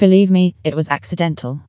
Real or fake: fake